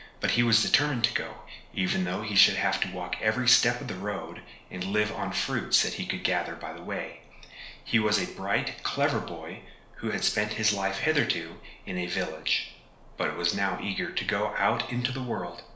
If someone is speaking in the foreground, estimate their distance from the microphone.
1.0 m.